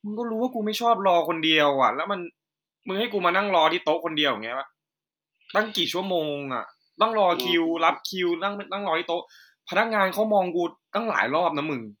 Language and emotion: Thai, frustrated